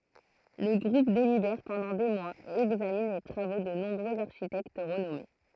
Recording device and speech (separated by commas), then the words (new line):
throat microphone, read sentence
Le groupe délibère pendant des mois et examine les travaux de nombreux architectes renommés.